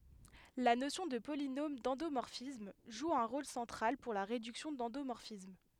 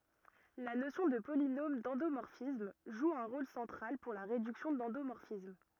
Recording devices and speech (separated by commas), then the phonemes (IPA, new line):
headset microphone, rigid in-ear microphone, read sentence
la nosjɔ̃ də polinom dɑ̃domɔʁfism ʒu œ̃ ʁol sɑ̃tʁal puʁ la ʁedyksjɔ̃ dɑ̃domɔʁfism